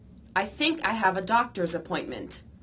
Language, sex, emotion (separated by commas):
English, female, neutral